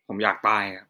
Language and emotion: Thai, frustrated